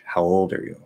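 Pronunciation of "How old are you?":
In 'How old are you?', the stress is on 'old'.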